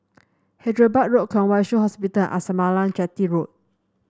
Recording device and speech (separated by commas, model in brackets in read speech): standing microphone (AKG C214), read sentence